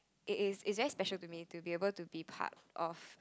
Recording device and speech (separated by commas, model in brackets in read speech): close-talking microphone, conversation in the same room